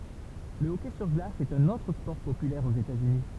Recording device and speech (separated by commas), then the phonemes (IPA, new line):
temple vibration pickup, read sentence
lə ɔkɛ syʁ ɡlas ɛt œ̃n otʁ spɔʁ popylɛʁ oz etatsyni